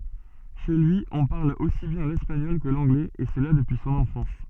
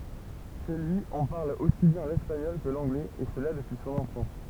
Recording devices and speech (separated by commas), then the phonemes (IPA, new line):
soft in-ear microphone, temple vibration pickup, read sentence
ʃe lyi ɔ̃ paʁl osi bjɛ̃ lɛspaɲɔl kə lɑ̃ɡlɛz e səla dəpyi sɔ̃n ɑ̃fɑ̃s